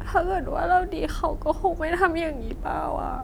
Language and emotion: Thai, sad